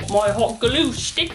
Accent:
World's worst British accent